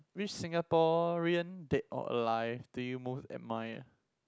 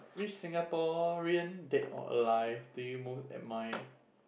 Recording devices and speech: close-talking microphone, boundary microphone, conversation in the same room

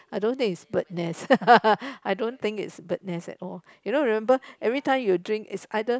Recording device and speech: close-talking microphone, conversation in the same room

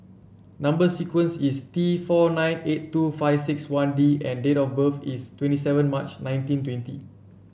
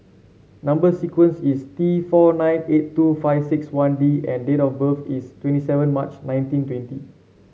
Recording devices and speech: boundary microphone (BM630), mobile phone (Samsung C7), read sentence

